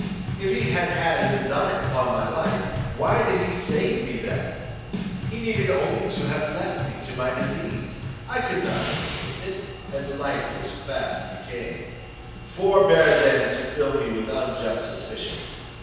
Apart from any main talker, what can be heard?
Music.